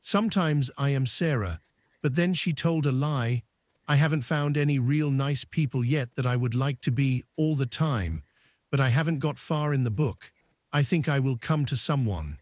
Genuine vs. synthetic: synthetic